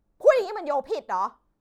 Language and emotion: Thai, angry